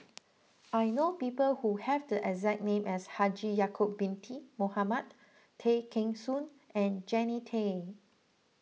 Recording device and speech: mobile phone (iPhone 6), read sentence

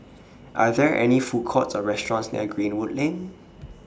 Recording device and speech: standing microphone (AKG C214), read sentence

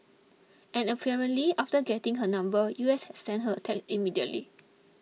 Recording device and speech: mobile phone (iPhone 6), read sentence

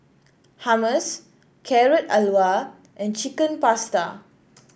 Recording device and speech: boundary microphone (BM630), read sentence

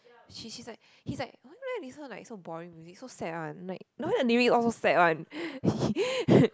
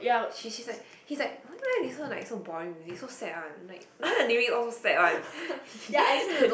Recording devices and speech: close-talking microphone, boundary microphone, conversation in the same room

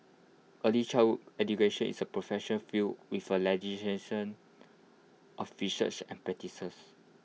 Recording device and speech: mobile phone (iPhone 6), read sentence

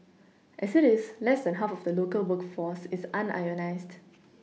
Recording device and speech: mobile phone (iPhone 6), read sentence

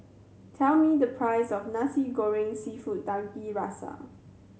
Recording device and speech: mobile phone (Samsung C7100), read sentence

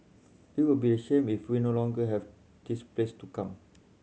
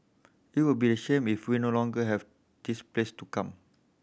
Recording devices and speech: mobile phone (Samsung C7100), boundary microphone (BM630), read sentence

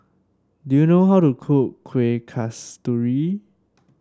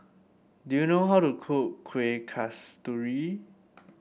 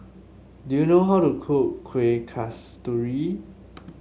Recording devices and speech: standing microphone (AKG C214), boundary microphone (BM630), mobile phone (Samsung S8), read sentence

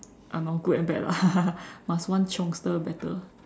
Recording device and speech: standing microphone, conversation in separate rooms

